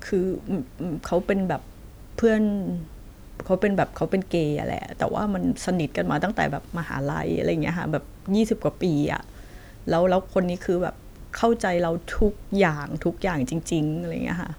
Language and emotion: Thai, sad